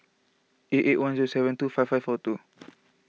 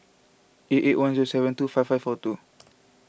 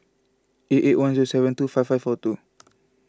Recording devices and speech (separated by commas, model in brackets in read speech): mobile phone (iPhone 6), boundary microphone (BM630), close-talking microphone (WH20), read sentence